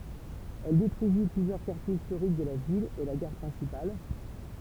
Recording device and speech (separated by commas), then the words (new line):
temple vibration pickup, read sentence
Elle détruisit plusieurs quartiers historiques de la ville et la gare principale.